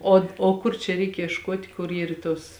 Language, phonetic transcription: Lithuanian, ˈo o ˈkur čia ˈreik iešˈkuot' kur ˈyr ˈtos

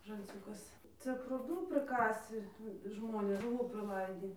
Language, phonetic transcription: Lithuanian, žalˈciūkas ˈcia prūˈdų priˈkasi ˈžmonės žuˈvų priˈlaidį

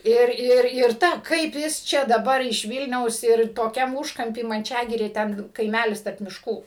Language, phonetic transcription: Lithuanian, ˈir ˈir ir ˈta ˈkaip jis ˈčia daˈbar iš ˈvylniaus ir toˈkiam ˈūžkampy manˈčiagirė ˈten kaiˈmælis tarp mišˈkų

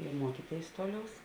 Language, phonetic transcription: Lithuanian, i ˈmuokyˌtėis ˈtoˌliaus

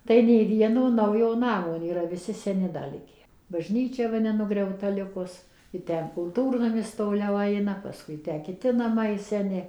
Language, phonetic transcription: Lithuanian, tai nei ˈvieno ˈnaujo ˈnamo nėˈra viˈsi seˈni da ˈlike baˈžnyčia ˈva nenugriauˈta ˈlikus i ˈten kulˈtūrnamis toˈliau ˈaina paˈskui ˈtę kiˈti naˈmai seˈni

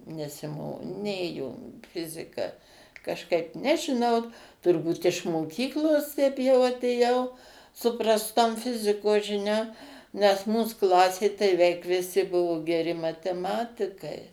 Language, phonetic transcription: Lithuanian, nesiˈmo ˈnėjo ˈfizika kažˈkaip nežiˈnau turˈbūt iš moˈkyklosˈ teip jau atėˈjau su prasˈtom ˈfizikos žiˈniom nes ˈmūs ˈklasė tai veik viˈsi ˈbuvo geˈri mateˈmatikai

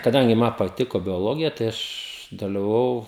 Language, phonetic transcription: Lithuanian, kaˈdangi ˈma paˈtiko bioˈlogija tai ˈaš dalivaˈvau

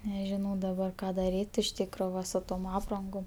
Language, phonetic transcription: Lithuanian, nežiˈnau daˈbar ˈką daˈryt' iš ˈtykro ˈva su ˈtom ˈaprangom

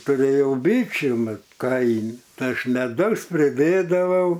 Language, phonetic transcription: Lithuanian, tuˈrėjau ˈbyčių ˈmat ˈkaimi ˈtai ˈaš meˈdaus priˈdėdavau

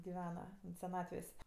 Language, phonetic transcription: Lithuanian, giˈvena seˈnatvės'

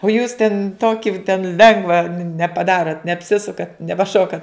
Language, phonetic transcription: Lithuanian, o jūs ten ˈtoki ten ˈlengva nepaˈdarot neapˈsisukat nepaˈšokat

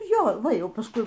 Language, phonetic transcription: Lithuanian, ˈjo ˈva ˈjau pasˈkui

